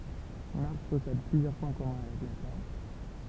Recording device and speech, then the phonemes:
temple vibration pickup, read sentence
maʁs pɔsɛd plyzjœʁ pwɛ̃ kɔmœ̃ avɛk la tɛʁ

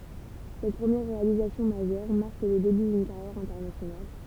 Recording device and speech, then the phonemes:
temple vibration pickup, read sentence
sɛt pʁəmjɛʁ ʁealizasjɔ̃ maʒœʁ maʁk lə deby dyn kaʁjɛʁ ɛ̃tɛʁnasjonal

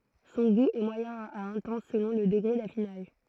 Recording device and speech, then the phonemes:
throat microphone, read sentence
sɔ̃ ɡu ɛ mwajɛ̃ a ɛ̃tɑ̃s səlɔ̃ lə dəɡʁe dafinaʒ

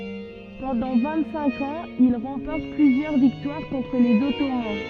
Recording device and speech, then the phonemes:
soft in-ear microphone, read sentence
pɑ̃dɑ̃ vɛ̃t sɛ̃k ɑ̃z il ʁɑ̃pɔʁt plyzjœʁ viktwaʁ kɔ̃tʁ lez ɔtoman

